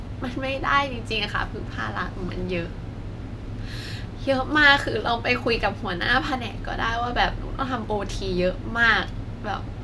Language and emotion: Thai, sad